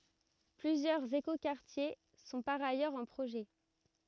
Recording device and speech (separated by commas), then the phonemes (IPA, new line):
rigid in-ear microphone, read sentence
plyzjœʁz ekokaʁtje sɔ̃ paʁ ajœʁz ɑ̃ pʁoʒɛ